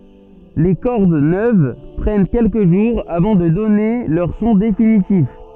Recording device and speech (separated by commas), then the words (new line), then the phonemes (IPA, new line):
soft in-ear microphone, read sentence
Les cordes neuves prennent quelques jours avant de donner leur son définitif.
le kɔʁd nøv pʁɛn kɛlkə ʒuʁz avɑ̃ də dɔne lœʁ sɔ̃ definitif